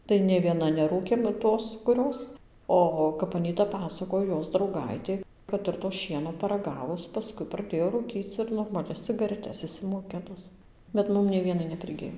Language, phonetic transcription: Lithuanian, tai nė ˈviena neˈrūkėm ˈtos kuˈrios ˈo kap aˈnyta ˈpasakoj ˈjos drauˈgaitė kad ˌir to ˈšieno paraˈgavus paˈskui praˈdėjo rūˈkyc ir normaˈlias cigareˈtes išsimoˈkinus bet ˈmum nei ˈvienai nepriˈgij

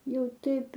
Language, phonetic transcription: Lithuanian, ˈjau ˈtaip

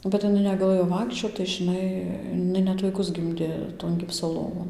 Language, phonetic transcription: Lithuanian, bet iˈnai negaˈlɘjo ˈvaikščiot tai žiˈnai iˈnai ˈnet vaiˈkus ˈgimdė ton ˈgipso ˈlovon

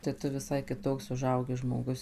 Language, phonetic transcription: Lithuanian, tai ˈtu viˈsai kiˈtoks uˈžaugi žmoˈgus

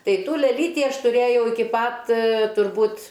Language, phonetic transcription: Lithuanian, ˈtai ˈtų leˈlyti ˈaš tuˈrėjau iˈki ˈpat turˈbūt

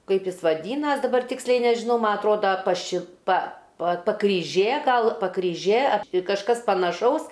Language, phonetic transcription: Lithuanian, ˈkaip ˈjis vaˈdynas daˈbar ˈtiksliai nežiˈnau ˈma atˈroda paˈši pa pa pakryˈžė ˈgal pakryˈžė ap ti kažˈkas panaˈšaus

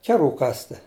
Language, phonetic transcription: Lithuanian, ˈkeˌrų ˈkasti

